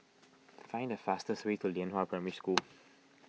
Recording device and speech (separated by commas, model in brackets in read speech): mobile phone (iPhone 6), read sentence